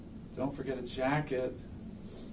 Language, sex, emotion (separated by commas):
English, male, neutral